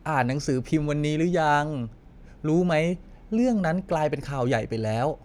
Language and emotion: Thai, neutral